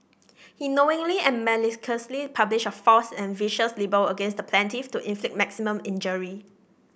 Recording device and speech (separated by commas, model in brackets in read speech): boundary microphone (BM630), read sentence